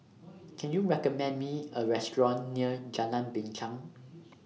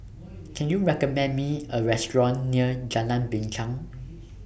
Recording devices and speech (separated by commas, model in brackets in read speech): mobile phone (iPhone 6), boundary microphone (BM630), read sentence